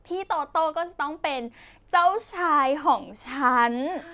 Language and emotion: Thai, happy